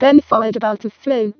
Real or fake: fake